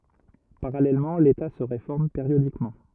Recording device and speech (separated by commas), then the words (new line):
rigid in-ear microphone, read sentence
Parallèlement l'État se réforme périodiquement.